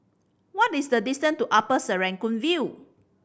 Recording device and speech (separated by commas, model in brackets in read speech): boundary microphone (BM630), read sentence